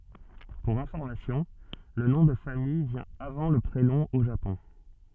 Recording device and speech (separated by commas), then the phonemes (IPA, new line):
soft in-ear microphone, read sentence
puʁ ɛ̃fɔʁmasjɔ̃ lə nɔ̃ də famij vjɛ̃ avɑ̃ lə pʁenɔ̃ o ʒapɔ̃